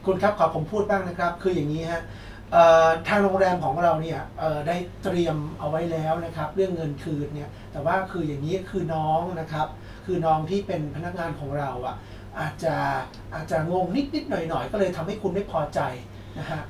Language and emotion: Thai, neutral